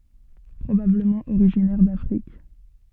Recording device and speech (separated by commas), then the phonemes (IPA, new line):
soft in-ear microphone, read sentence
pʁobabləmɑ̃ oʁiʒinɛʁ dafʁik